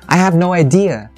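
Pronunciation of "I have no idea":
'Idea' is stressed and dragged down, and the intonation on 'idea' is faulty.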